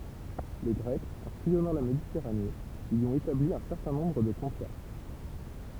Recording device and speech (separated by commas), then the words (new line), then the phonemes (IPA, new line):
temple vibration pickup, read sentence
Les Grecs, en sillonnant la Méditerranée, y ont établi un certain nombre de comptoirs.
le ɡʁɛkz ɑ̃ sijɔnɑ̃ la meditɛʁane i ɔ̃t etabli œ̃ sɛʁtɛ̃ nɔ̃bʁ də kɔ̃twaʁ